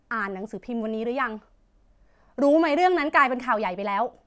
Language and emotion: Thai, angry